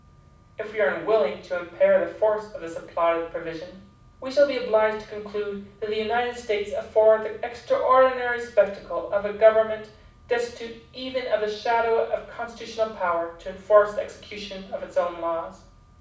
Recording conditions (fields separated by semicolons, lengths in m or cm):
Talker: one person; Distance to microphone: 5.8 m; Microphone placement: far; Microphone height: 1.8 m; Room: medium-sized (5.7 m by 4.0 m); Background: none